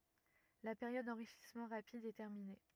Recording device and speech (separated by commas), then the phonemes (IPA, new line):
rigid in-ear microphone, read sentence
la peʁjɔd dɑ̃ʁiʃismɑ̃ ʁapid ɛ tɛʁmine